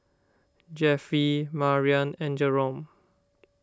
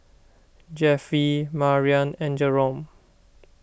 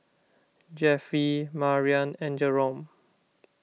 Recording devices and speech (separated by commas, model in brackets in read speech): standing microphone (AKG C214), boundary microphone (BM630), mobile phone (iPhone 6), read sentence